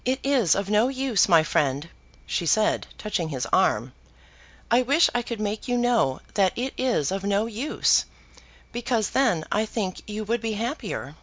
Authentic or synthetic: authentic